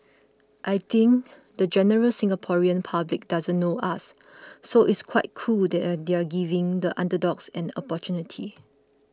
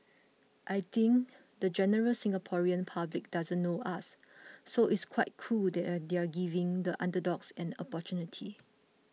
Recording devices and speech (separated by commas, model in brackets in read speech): close-talking microphone (WH20), mobile phone (iPhone 6), read sentence